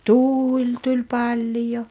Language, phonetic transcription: Finnish, tuuĺ tuĺ "paĺjo .
- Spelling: tuli tuli paljon

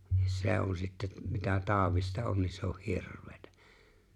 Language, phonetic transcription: Finnish, ja 'sè on sittä ‿t- , mitä 'tàowista on ni se oh "hirv̀eetä .
- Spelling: ja se on sitten - mitä taudista on niin se on hirveää

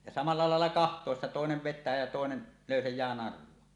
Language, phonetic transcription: Finnish, ja "samalla 'laella 'kaht̀òessa tòenev vettää ja tòenen , 'löysej̀ää 'nar̆ruo .
- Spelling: ja samalla lailla katsoessa toinen vetää ja toinen löysää narua

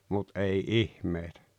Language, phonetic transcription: Finnish, mut '’ei "ihmèitᴀ̈ .
- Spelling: mutta ei ihmeitä

